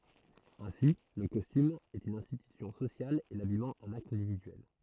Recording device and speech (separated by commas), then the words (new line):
throat microphone, read sentence
Ainsi le costume est une institution sociale et l'habillement un acte individuel.